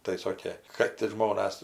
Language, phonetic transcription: Lithuanian, tai ˈsokė kad ir ˈžmonas

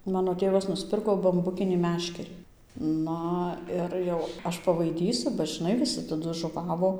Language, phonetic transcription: Lithuanian, ˈmano ˈtėvas nusˈpirko bamˈbukinį ˈmeškerį ˈna ir jau ˈaš pavaiˈdysu ba žiˈnai viˈsi taˈdu žuˈvavo

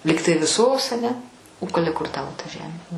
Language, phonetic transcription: Lithuanian, ˈlygtai viˈsos aˈne o k ˈale kur ˈtavo ta ˈžemė

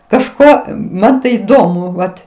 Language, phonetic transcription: Lithuanian, kažˈko ˈman tai įˈdomu ˈvat

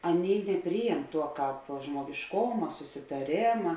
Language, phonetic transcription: Lithuanian, ˈaˌnėi neˈpryjem ˈtuo ˈkāp žmuogišˈkoma susitaˈrėma

